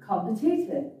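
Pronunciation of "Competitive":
'Competitive' is pronounced incorrectly here.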